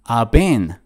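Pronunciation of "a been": This is 'I have been' in fast speech: 'I've' is reduced to just 'ah', so it sounds like 'ah been'.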